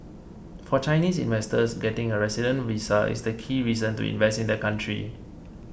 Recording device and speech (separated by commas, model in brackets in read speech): boundary microphone (BM630), read sentence